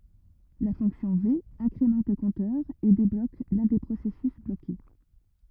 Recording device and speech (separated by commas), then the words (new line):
rigid in-ear microphone, read sentence
La fonction V incrémente le compteur et débloque l'un des processus bloqué.